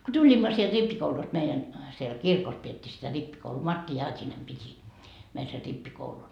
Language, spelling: Finnish, kun tulimme sieltä rippikoulusta meidän siellä siellä kirkossa pidettiin sitä rippikoulua Martti Jaatinen piti meille sen rippikoulun
- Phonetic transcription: ko tuĺimma sielD 'rippikoulust meijän , siel siel "kirkos piettii sitä 'rippikouluu "Martti "Jaat́inem 'piti , meil ser 'rippikoulun .

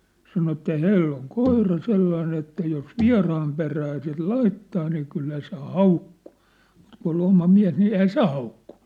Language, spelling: Finnish, sanoi että hänellä on koira sellainen että jos vieraan perään sitten laittaa niin kyllä se haukkuu mutta kun oli oma mies niin eihän se haukkunut
- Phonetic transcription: 'sano että "hänell ‿oŋ "koira 'sellain ‿että jos "via̭raam perää sit "laittaa nii kyllä se "haukkᴜᴜ , mut kun ‿ol 'oma 'miä̭s ni 'eihä "se haukkᴜɴ .

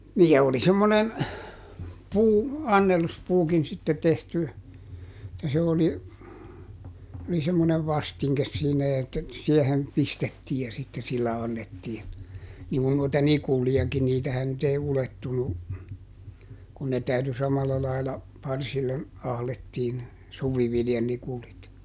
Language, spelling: Finnish, niin ja oli semmoinen - annelluspuukin sitten tehty että se oli oli semmoinen vastinke siinä että siihen pistettiin ja sitten sillä annettiin niin kun noita nikulejakin niitähän nyt ei ulettunut kun ne täytyi samalla lailla parsille ahdettiin suviviljanikulit
- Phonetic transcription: nii ja ˈoli semmonen , ˈpuu- , "anneluspuukin sitte tehty , [et]tä se ˈoli , oli semmonev "vastiŋkes siinä että , ˈsiɛhen , "pistettii ja sitte sillä ˈannettiin , niŋkun noita "nikuli₍aki ˈniitähän nyt ‿ei ˈulettunu , kun ne ˈtäyty ˈsamalla laila , ˈparsille , ˈahlettiin , "suviviljanikulit .

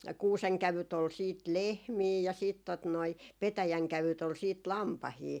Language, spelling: Finnish, kuusenkävyt oli sitten lehmiä ja sitten tuota noin petäjänkävyt oli sitten lampaita
- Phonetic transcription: 'kuuseŋkävyt ‿ol siit "lehmii ja siit , tot noi , 'petäjäŋkävyt ‿ol 'siit "lampahii .

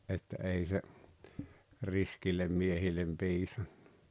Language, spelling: Finnish, että ei se riskeille miehille piisannut
- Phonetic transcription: että 'ei se , 'riskillem 'miehillem 'piisan(ɴᴀ) .

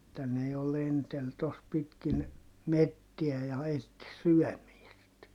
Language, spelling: Finnish, että ne jo lenteli tuossa pitkin metsiä ja etsi syömistä
- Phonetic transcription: [et]tä ne jo lentel tos pitkin , mettiä ja etti syɔ̈̀miist .

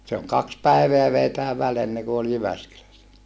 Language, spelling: Finnish, se on kaksi päivää vei tämä väli ennen kuin oli Jyväskylässä
- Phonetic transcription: se oŋ kaks päiveä vei tää väl enneku ol Jyväskylässä .

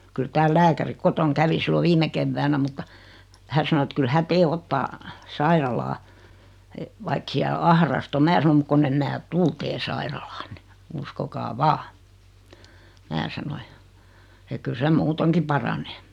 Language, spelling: Finnish, kyllä täällä lääkäri kotona kävi silloin viime keväänä mutta hän sanoi että kyllä hän teidän ottaa sairaalaan vaikka siellä ahdasta on minä sanoin mutta kun en minä tule teidän sairaalaanne uskokaa vain minä sanoin ja että kyllä se muutenkin paranee
- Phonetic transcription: kyl 'tääl "lääkäri 'kotoŋ 'kävi sillo 'viime kevväänä mutta , 'hän̬ sano et 'kyl'hä "tee 'ottaa , "sairalaa , vaik siäl 'ahrast ‿o 'mää sano » mᵘk kon'n ‿em mää "tul tee 'sairalaanne , 'uskokaa "vaa « , 'mää sano ja , ek kyl 'sem "muuteŋki paranee .

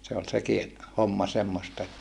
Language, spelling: Finnish, se oli sekin homma semmoista että
- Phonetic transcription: se ol seki , homma semmosta että , .

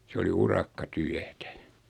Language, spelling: Finnish, se oli urakkatyötä
- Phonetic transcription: 'se oli 'urakka'tyätä .

